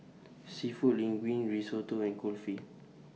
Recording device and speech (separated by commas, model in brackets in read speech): mobile phone (iPhone 6), read sentence